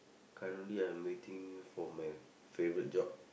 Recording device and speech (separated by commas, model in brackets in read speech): boundary microphone, conversation in the same room